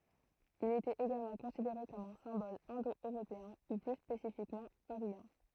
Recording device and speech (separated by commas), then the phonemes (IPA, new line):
throat microphone, read sentence
il etɛt eɡalmɑ̃ kɔ̃sideʁe kɔm œ̃ sɛ̃bɔl ɛ̃do øʁopeɛ̃ u ply spesifikmɑ̃ aʁjɑ̃